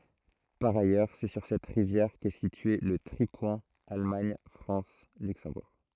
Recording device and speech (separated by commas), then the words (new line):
throat microphone, read sentence
Par ailleurs, c'est sur cette rivière qu'est situé le tripoint Allemagne-France-Luxembourg.